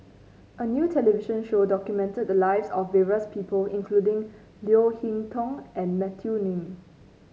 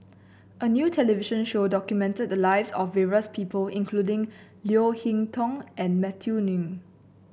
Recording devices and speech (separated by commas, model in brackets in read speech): mobile phone (Samsung C9), boundary microphone (BM630), read sentence